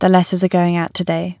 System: none